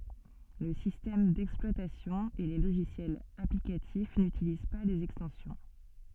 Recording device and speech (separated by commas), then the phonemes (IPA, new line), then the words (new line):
soft in-ear microphone, read sentence
lə sistɛm dɛksplwatasjɔ̃ e le loʒisjɛlz aplikatif nytiliz pa lez ɛkstɑ̃sjɔ̃
Le système d'exploitation et les logiciels applicatifs n'utilisent pas les extensions.